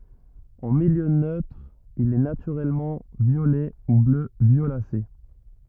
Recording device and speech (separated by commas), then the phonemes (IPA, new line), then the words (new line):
rigid in-ear microphone, read sentence
ɑ̃ miljø nøtʁ il ɛ natyʁɛlmɑ̃ vjolɛ u blø vjolase
En milieu neutre il est naturellement violet ou bleu violacé.